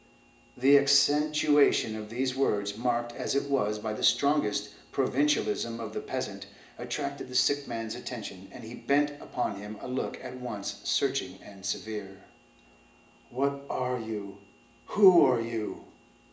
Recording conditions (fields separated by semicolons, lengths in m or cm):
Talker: one person; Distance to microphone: 1.8 m; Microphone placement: close; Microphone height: 1.0 m; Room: large; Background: none